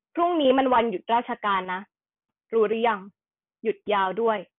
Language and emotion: Thai, frustrated